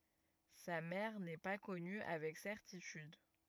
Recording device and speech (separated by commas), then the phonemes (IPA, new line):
rigid in-ear microphone, read sentence
sa mɛʁ nɛ pa kɔny avɛk sɛʁtityd